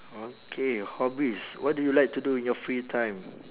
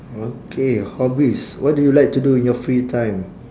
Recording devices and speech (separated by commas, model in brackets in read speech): telephone, standing microphone, conversation in separate rooms